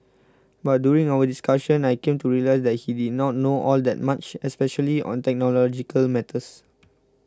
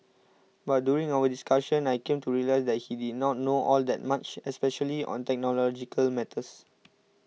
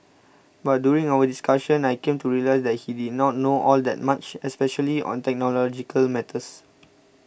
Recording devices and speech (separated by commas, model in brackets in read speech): close-talking microphone (WH20), mobile phone (iPhone 6), boundary microphone (BM630), read sentence